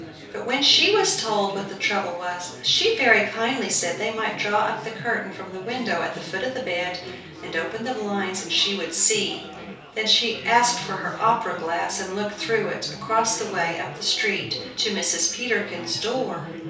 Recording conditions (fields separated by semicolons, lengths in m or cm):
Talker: one person; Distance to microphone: 3.0 m; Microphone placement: far; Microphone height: 1.8 m; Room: small (3.7 m by 2.7 m); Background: babble